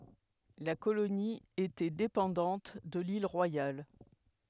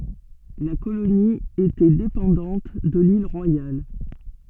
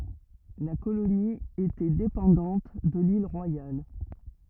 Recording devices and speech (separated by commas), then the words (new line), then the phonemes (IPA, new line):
headset microphone, soft in-ear microphone, rigid in-ear microphone, read sentence
La colonie était dépendante de l'Île Royale.
la koloni etɛ depɑ̃dɑ̃t də lil ʁwajal